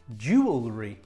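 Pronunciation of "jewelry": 'Jewelry' is pronounced correctly here.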